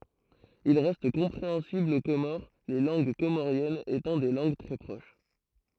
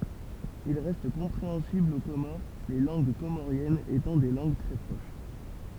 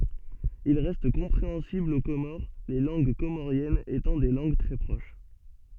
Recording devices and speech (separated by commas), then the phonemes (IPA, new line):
throat microphone, temple vibration pickup, soft in-ear microphone, read sentence
il ʁɛst kɔ̃pʁeɑ̃sibl o komoʁ le lɑ̃ɡ komoʁjɛnz etɑ̃ de lɑ̃ɡ tʁɛ pʁoʃ